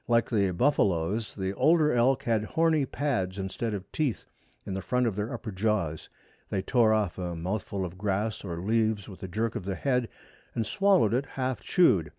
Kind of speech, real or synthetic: real